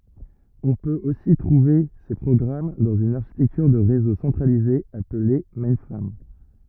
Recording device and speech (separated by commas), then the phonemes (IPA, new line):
rigid in-ear microphone, read sentence
ɔ̃ pøt osi tʁuve se pʁɔɡʁam dɑ̃z yn aʁʃitɛktyʁ də ʁezo sɑ̃tʁalize aple mɛ̃fʁam